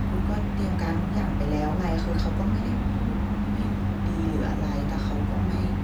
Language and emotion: Thai, frustrated